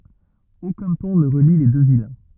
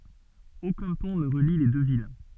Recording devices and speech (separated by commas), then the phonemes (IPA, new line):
rigid in-ear microphone, soft in-ear microphone, read sentence
okœ̃ pɔ̃ nə ʁəli le dø vil